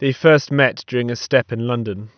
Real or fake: real